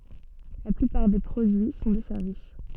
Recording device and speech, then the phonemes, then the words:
soft in-ear microphone, read sentence
la plypaʁ de pʁodyi sɔ̃ de sɛʁvis
La plupart des produits sont des services.

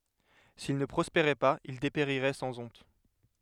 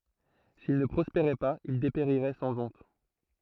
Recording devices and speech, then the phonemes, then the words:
headset microphone, throat microphone, read sentence
sil nə pʁɔspeʁɛ paz il depeʁiʁɛ sɑ̃ ɔ̃t
S'il ne prospérait pas il dépérirait sans honte.

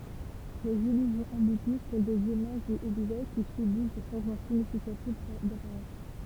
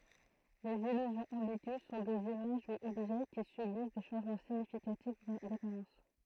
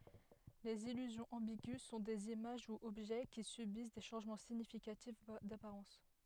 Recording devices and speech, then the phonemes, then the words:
temple vibration pickup, throat microphone, headset microphone, read sentence
lez ilyzjɔ̃z ɑ̃biɡy sɔ̃ dez imaʒ u ɔbʒɛ ki sybis de ʃɑ̃ʒmɑ̃ siɲifikatif dapaʁɑ̃s
Les illusions ambiguës sont des images ou objets qui subissent des changements significatifs d'apparence.

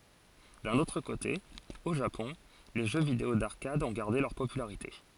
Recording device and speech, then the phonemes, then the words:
forehead accelerometer, read sentence
dœ̃n otʁ kote o ʒapɔ̃ le ʒø video daʁkad ɔ̃ ɡaʁde lœʁ popylaʁite
D'un autre côté, au Japon, les jeux vidéo d'arcade ont gardé leur popularité.

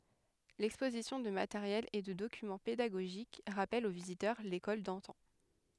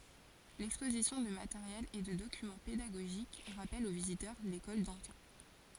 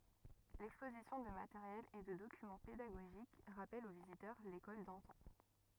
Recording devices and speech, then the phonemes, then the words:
headset microphone, forehead accelerometer, rigid in-ear microphone, read sentence
lɛkspozisjɔ̃ də mateʁjɛl e də dokymɑ̃ pedaɡoʒik ʁapɛl o vizitœʁ lekɔl dɑ̃tɑ̃
L’exposition de matériel et de documents pédagogiques rappelle aux visiteurs l’école d’antan.

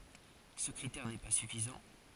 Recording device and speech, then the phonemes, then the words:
forehead accelerometer, read sentence
sə kʁitɛʁ nɛ pa syfizɑ̃
Ce critère n'est pas suffisant.

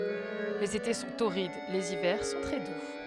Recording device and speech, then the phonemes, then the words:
headset microphone, read sentence
lez ete sɔ̃ toʁid lez ivɛʁ sɔ̃ tʁɛ du
Les étés sont torrides, les hivers sont très doux.

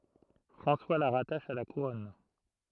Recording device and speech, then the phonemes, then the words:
throat microphone, read sentence
fʁɑ̃swa la ʁataʃ a la kuʁɔn
François la rattache à la Couronne.

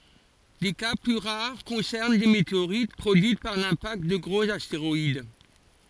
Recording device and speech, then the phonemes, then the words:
forehead accelerometer, read sentence
de ka ply ʁaʁ kɔ̃sɛʁn de meteoʁit pʁodyit paʁ lɛ̃pakt də ɡʁoz asteʁɔid
Des cas plus rares concernent des météorites produites par l'impact de gros astéroïdes.

